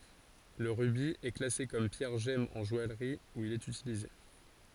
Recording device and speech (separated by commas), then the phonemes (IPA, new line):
forehead accelerometer, read sentence
lə ʁybi ɛ klase kɔm pjɛʁ ʒɛm ɑ̃ ʒɔajʁi u il ɛt ytilize